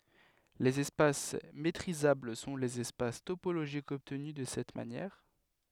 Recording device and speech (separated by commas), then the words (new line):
headset microphone, read sentence
Les espaces métrisables sont les espaces topologiques obtenus de cette manière.